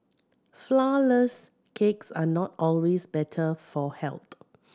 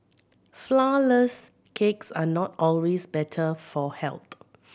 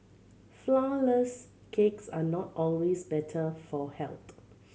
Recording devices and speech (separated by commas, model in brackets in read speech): standing microphone (AKG C214), boundary microphone (BM630), mobile phone (Samsung C7100), read sentence